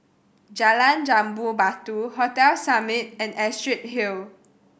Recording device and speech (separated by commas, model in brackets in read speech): boundary microphone (BM630), read sentence